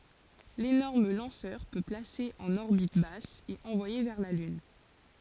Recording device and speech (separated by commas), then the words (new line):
forehead accelerometer, read sentence
L'énorme lanceur peut placer en orbite basse et envoyer vers la Lune.